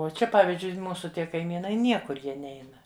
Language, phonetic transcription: Lithuanian, o ˈčia ˈpavizdžiui ˈmūsu ˈtie kaiˈmynai ˈniekur ˈjie ˈneina

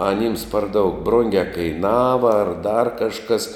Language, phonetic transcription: Lithuanian, aˈnyms par daug ˈbrungia kaiˈnava ar dar kažˈkas

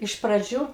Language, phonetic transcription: Lithuanian, iš praˈdžių

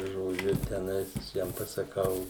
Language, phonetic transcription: Lithuanian, žoˈdžiu teˈnais viˈsiem pasaˈkau

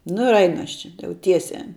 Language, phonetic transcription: Lithuanian, nu ir ˈainu ˈaš čia ˈjau ˈtiesiā

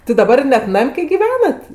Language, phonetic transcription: Lithuanian, ti daˈbar ˈnet ˈnam' kai giˈvenat

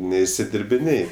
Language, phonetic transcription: Lithuanian, neišsidirbiˈnėj

